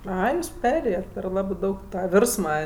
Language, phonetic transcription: Lithuanian, ˈai ˈjūs ˈperėjet per ˈlabɜ ˈdaug ˈtą ˈvirsma

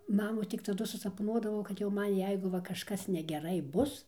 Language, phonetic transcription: Lithuanian, ˈmamų tik taˈdu susapˈnuodavau kad jau ˈman ˈjeigu ˈva kažˈkas negeˈrai ˈbus

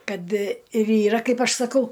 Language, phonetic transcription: Lithuanian, ˈkad ir yˈra ˈkaip ˈaš saˈkau

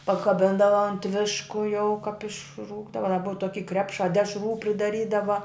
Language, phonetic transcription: Lithuanian, pakaˈbindava ant ˈvišku jau kap išˈrūkdava da ˈbuva ˈtoky ˈkrepšā ˈdešrų pridaˈrydava

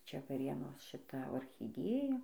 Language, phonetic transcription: Lithuanian, ˈčia vaˈrėnos šiˈta ochiˈdėja

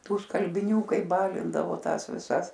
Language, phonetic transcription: Lithuanian, ˈtų skalbiˈnių ˈkai ˈbalindavo ˈtąs viˈsas

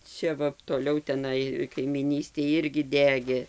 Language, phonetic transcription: Lithuanian, ˈčia ˈva toˈliau teˈnai kaimyˈnystėj ˈirgi ˈdegė

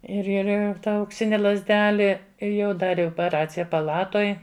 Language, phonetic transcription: Lithuanian, ir ir ˈir ˈta aukˈsini lazˈdeli ˈir jau ˈdari opeˈracija paˈlatoj

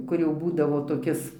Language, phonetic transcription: Lithuanian, ˈkur jau ˈbūdavo toˈkis

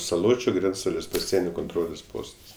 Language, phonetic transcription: Lithuanian, saˈločiu ˈgrenctalės paˈsienio konˈtrolės ˈpostas

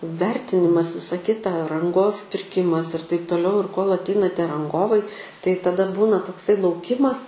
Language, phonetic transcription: Lithuanian, ˈvertinimas ˈvisa ˈkita ranˈgos pirˈkimas ir taip toˈliau ir kol atˈeina ˈtie ranˈgovai tai taˈda ˈbūna tokˈsai lauˈkimas

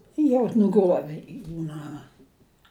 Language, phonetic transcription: Lithuanian, jau nuˈgruovi ˈjų ˈnama

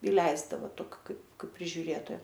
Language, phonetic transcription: Lithuanian, iˈleisdava ˈtoki ˈkaip ˈkaip prižiuˈrėtoja

